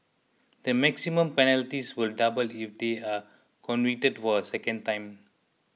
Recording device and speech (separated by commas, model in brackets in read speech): mobile phone (iPhone 6), read sentence